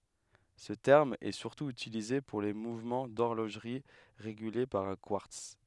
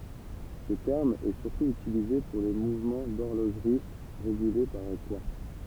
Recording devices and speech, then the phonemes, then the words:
headset microphone, temple vibration pickup, read sentence
sə tɛʁm ɛ syʁtu ytilize puʁ le muvmɑ̃ dɔʁloʒʁi ʁeɡyle paʁ œ̃ kwaʁts
Ce terme est surtout utilisé pour les mouvements d'horlogerie régulés par un quartz.

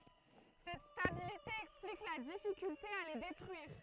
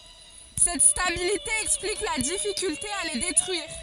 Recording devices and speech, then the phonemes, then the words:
throat microphone, forehead accelerometer, read sentence
sɛt stabilite ɛksplik la difikylte a le detʁyiʁ
Cette stabilité explique la difficulté à les détruire.

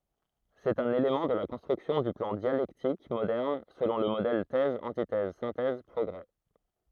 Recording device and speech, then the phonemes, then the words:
throat microphone, read sentence
sɛt œ̃n elemɑ̃ də la kɔ̃stʁyksjɔ̃ dy plɑ̃ djalɛktik modɛʁn səlɔ̃ lə modɛl tɛz ɑ̃titɛz sɛ̃tɛz pʁɔɡʁe
C'est un élément de la construction du plan dialectique moderne selon le modèle Thèse-antithèse-synthèse-progrés.

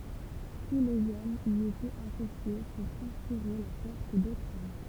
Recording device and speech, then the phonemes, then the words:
temple vibration pickup, read sentence
tu lez ɔmz i etɛt asosje puʁ kɔ̃spiʁe la pɛʁt dotʁz ɔm
Tous les hommes y étaient associés pour conspirer la perte d'autres hommes.

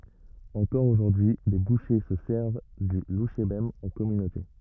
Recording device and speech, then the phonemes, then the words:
rigid in-ear microphone, read sentence
ɑ̃kɔʁ oʒuʁdyi le buʃe sə sɛʁv dy luʃebɛm ɑ̃ kɔmynote
Encore aujourd'hui les bouchers se servent du louchébem en communauté.

